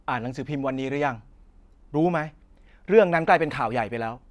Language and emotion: Thai, angry